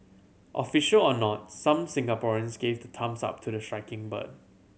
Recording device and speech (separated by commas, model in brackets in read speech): mobile phone (Samsung C7100), read sentence